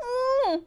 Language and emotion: Thai, happy